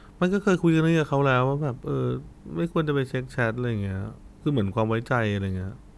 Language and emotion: Thai, neutral